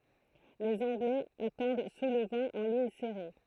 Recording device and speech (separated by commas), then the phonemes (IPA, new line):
throat microphone, read sentence
lez ɑ̃ɡlɛz atɑ̃d su lə vɑ̃ ɑ̃ liɲ sɛʁe